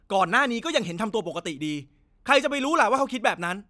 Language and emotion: Thai, angry